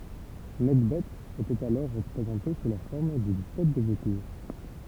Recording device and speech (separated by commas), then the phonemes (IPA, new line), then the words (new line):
temple vibration pickup, read sentence
nɛkbɛ etɛt alɔʁ ʁəpʁezɑ̃te su la fɔʁm dyn tɛt də votuʁ
Nekhbet était alors représentée sous la forme d'une tête de vautour.